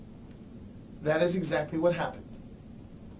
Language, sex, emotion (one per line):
English
male
neutral